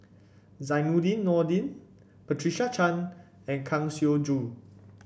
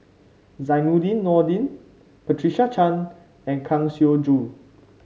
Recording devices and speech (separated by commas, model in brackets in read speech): boundary microphone (BM630), mobile phone (Samsung C5), read sentence